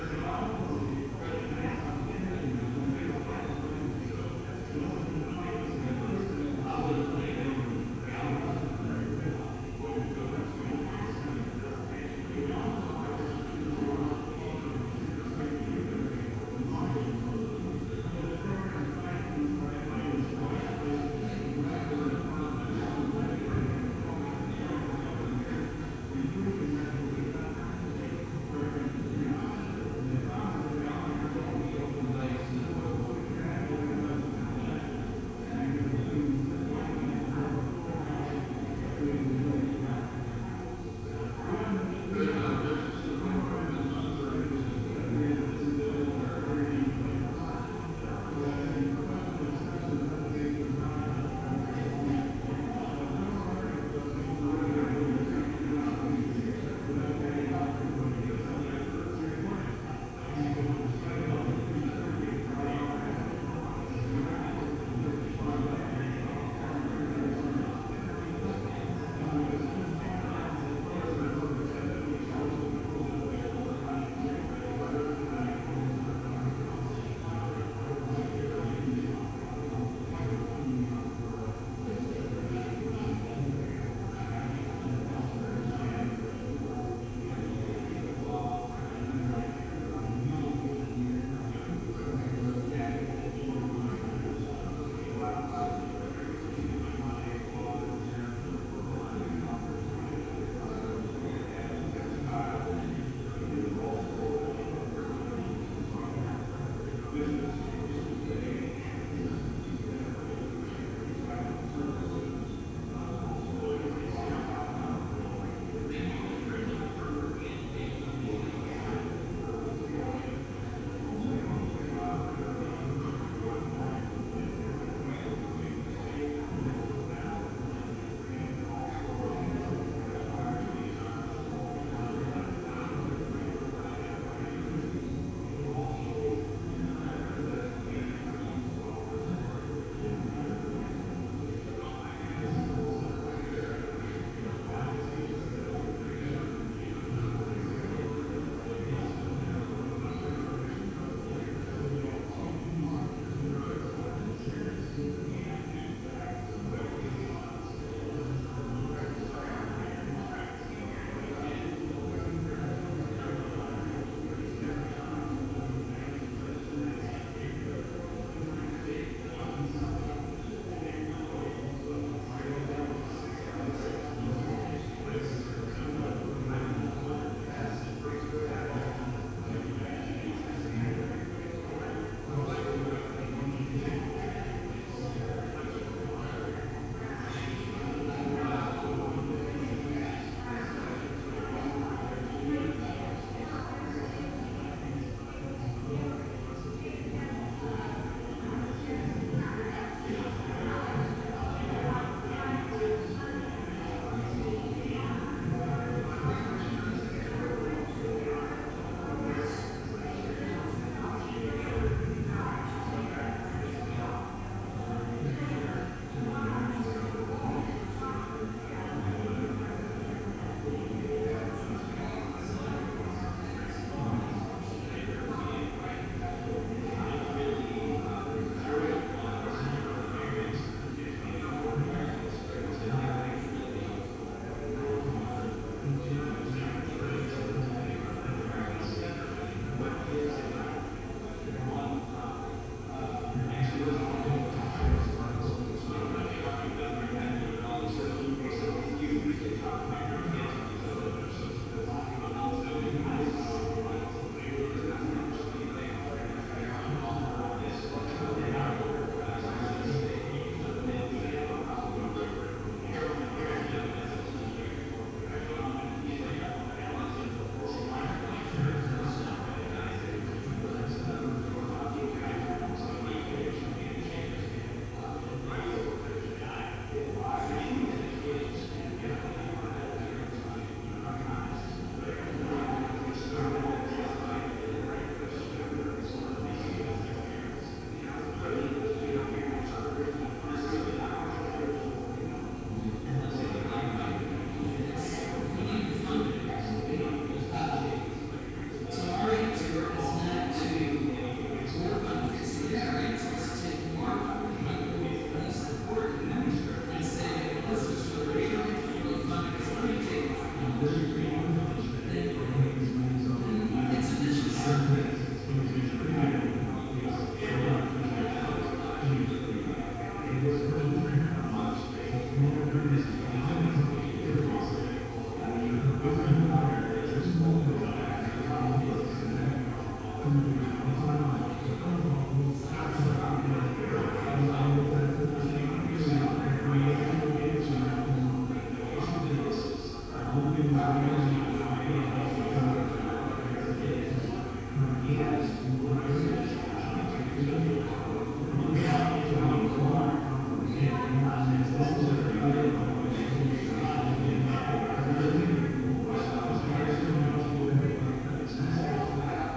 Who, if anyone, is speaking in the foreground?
No one.